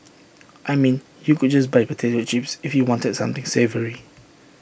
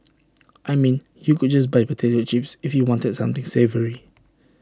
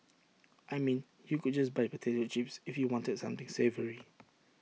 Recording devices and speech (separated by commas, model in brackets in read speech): boundary microphone (BM630), standing microphone (AKG C214), mobile phone (iPhone 6), read sentence